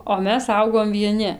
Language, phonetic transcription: Lithuanian, o ˈmes ˈaugom vieˈni

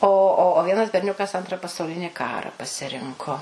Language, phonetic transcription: Lithuanian, o ˈo o ˈvienas berˈniukas ˈantra pasauˈlini ˈkara pasiˈrinko

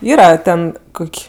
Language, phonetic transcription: Lithuanian, ˈyra ˈten ˈkuk'

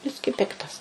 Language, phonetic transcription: Lithuanian, ˈbiskį ˈpiktas

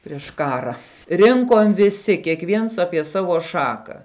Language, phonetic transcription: Lithuanian, priš ˈkara ˈrinkom viˈsi kiekˈviens ˈapie ˈsavo ˈšaka

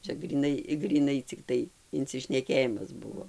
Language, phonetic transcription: Lithuanian, ˈčia gryˈnai gryˈnai cikˈtai incišneˈkėjimas ˈbuvo

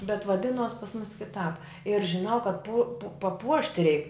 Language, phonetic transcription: Lithuanian, bet vaˈdinuos pas mus kiˈtāp ir žiˈnau kad pu paˈpuošti reik

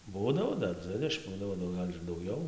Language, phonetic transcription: Lithuanian, ˈbūdavo ˈdar ˈdzvidešim ˈbūdavo nu ˈgal' ir dauˈgiau

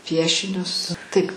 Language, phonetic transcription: Lithuanian, ˈpiešinius tɨk

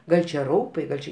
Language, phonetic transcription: Lithuanian, ˈgal' čia ˈraupai ˈgal' či

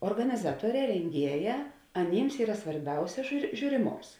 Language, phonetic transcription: Lithuanian, organiˈzatuoˌrē renˈgieˌjā aˈnyms ˈyra svarˈbiausia žiū žiūriˈmoms

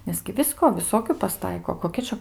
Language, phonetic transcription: Lithuanian, 'nes gi ˈvisko viˈsokiu paˈstaiko koˈkia čia

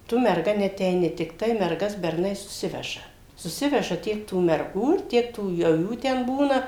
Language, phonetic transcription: Lithuanian, ˈtu merˈga neateiˈni tikˈtai merˈgas berˈnai suˈsiveža suˈsiveža ˈtiek tų merˈgų ir ˈtiek tų jau ˈjų ten ˈbūna

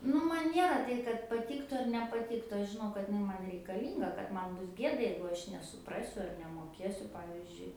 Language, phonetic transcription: Lithuanian, ˈnu man ˈniera ˈtai kad paˈtyktu ar nepaˈtyktu ˈaš žiˈnau kad iˈnai ˈman reikaˈlynga kad ˈman ˈbus ˈgieda jeigu ˈaš nesuˈprasiu ar nemoˈkiesiu ˈpavizdžiui

